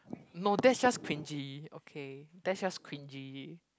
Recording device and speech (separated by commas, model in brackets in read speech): close-talking microphone, conversation in the same room